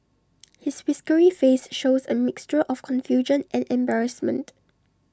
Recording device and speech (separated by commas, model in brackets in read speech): standing microphone (AKG C214), read sentence